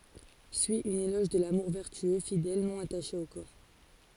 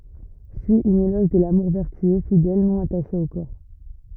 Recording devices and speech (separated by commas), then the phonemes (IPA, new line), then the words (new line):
forehead accelerometer, rigid in-ear microphone, read sentence
syi œ̃n elɔʒ də lamuʁ vɛʁtyø fidɛl nɔ̃ ataʃe o kɔʁ
Suit un éloge de l'amour vertueux, fidèle, non attaché au corps.